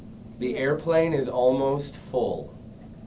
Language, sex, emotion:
English, male, neutral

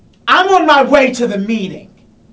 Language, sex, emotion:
English, male, angry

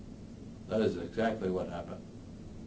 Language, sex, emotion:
English, male, neutral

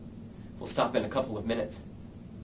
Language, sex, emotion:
English, male, neutral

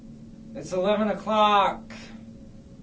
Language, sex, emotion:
English, male, disgusted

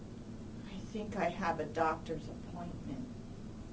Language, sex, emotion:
English, female, neutral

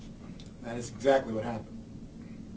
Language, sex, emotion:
English, male, neutral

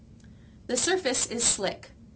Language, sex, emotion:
English, female, neutral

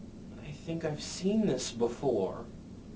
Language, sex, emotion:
English, male, fearful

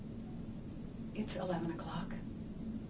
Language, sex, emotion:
English, female, sad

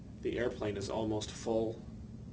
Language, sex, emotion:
English, male, neutral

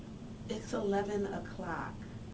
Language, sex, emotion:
English, female, neutral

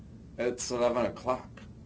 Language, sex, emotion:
English, male, neutral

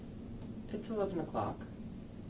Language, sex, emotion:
English, male, neutral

